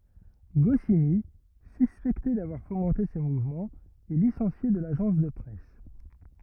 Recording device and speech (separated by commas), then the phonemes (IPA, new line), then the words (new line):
rigid in-ear microphone, read sentence
ɡɔsini syspɛkte davwaʁ fomɑ̃te sə muvmɑ̃ ɛ lisɑ̃sje də laʒɑ̃s də pʁɛs
Goscinny, suspecté d’avoir fomenté ce mouvement, est licencié de l’agence de presse.